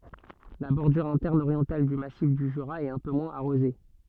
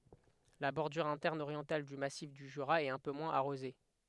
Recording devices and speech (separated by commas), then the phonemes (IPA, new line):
soft in-ear microphone, headset microphone, read sentence
la bɔʁdyʁ ɛ̃tɛʁn oʁjɑ̃tal dy masif dy ʒyʁa ɛt œ̃ pø mwɛ̃z aʁoze